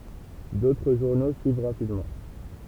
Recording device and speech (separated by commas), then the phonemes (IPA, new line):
temple vibration pickup, read sentence
dotʁ ʒuʁno syiv ʁapidmɑ̃